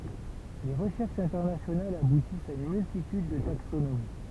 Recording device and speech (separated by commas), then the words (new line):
temple vibration pickup, read sentence
Les recherches internationales aboutissent à une multitude de taxonomies.